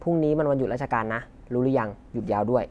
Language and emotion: Thai, neutral